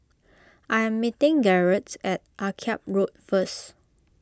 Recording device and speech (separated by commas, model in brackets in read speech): close-talking microphone (WH20), read sentence